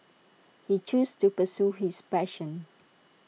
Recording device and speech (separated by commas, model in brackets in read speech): mobile phone (iPhone 6), read sentence